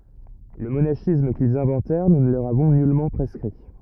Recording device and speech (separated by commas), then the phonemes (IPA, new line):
rigid in-ear microphone, read sentence
lə monaʃism kilz ɛ̃vɑ̃tɛʁ nu nə lə løʁ avɔ̃ nylmɑ̃ pʁɛskʁi